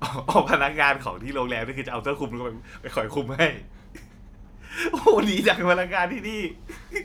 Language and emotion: Thai, happy